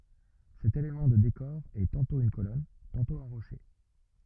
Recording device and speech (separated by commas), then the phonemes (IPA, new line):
rigid in-ear microphone, read sentence
sɛt elemɑ̃ də dekɔʁ ɛ tɑ̃tɔ̃ yn kolɔn tɑ̃tɔ̃ œ̃ ʁoʃe